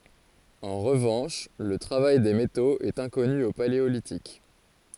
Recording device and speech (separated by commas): forehead accelerometer, read sentence